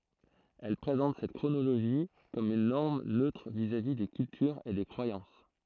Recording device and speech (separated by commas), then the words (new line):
throat microphone, read sentence
Elles présentent cette chronologie comme une norme neutre vis-à-vis des cultures et des croyances.